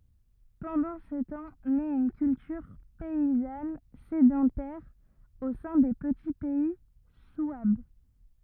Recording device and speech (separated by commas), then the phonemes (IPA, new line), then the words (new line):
rigid in-ear microphone, read sentence
pɑ̃dɑ̃ sə tɑ̃ nɛt yn kyltyʁ pɛizan sedɑ̃tɛʁ o sɛ̃ de pəti pɛi swab
Pendant ce temps naît une culture paysanne sédentaire au sein des petits pays souabes.